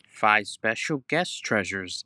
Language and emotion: English, happy